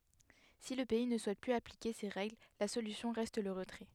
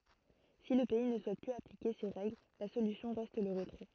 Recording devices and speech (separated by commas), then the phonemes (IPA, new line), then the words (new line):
headset microphone, throat microphone, read sentence
si lə pɛi nə suɛt plyz aplike se ʁɛɡl la solysjɔ̃ ʁɛst lə ʁətʁɛ
Si le pays ne souhaite plus appliquer ces règles, la solution reste le retrait.